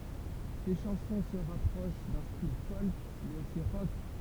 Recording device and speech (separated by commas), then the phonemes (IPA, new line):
temple vibration pickup, read sentence
se ʃɑ̃sɔ̃ sə ʁapʁoʃ dœ̃ stil fɔlk mɛz osi ʁɔk